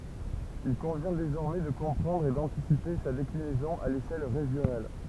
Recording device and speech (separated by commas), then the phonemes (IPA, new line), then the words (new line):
temple vibration pickup, read sentence
il kɔ̃vjɛ̃ dezɔʁmɛ də kɔ̃pʁɑ̃dʁ e dɑ̃tisipe sa deklinɛzɔ̃ a leʃɛl ʁeʒjonal
Il convient désormais de comprendre et d’anticiper sa déclinaison à l’échelle régionale.